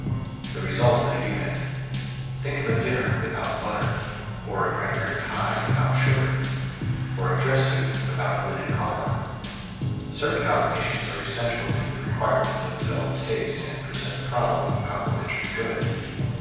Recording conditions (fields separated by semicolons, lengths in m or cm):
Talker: one person; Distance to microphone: 7.1 m; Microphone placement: far; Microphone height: 1.7 m; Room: very reverberant, large; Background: music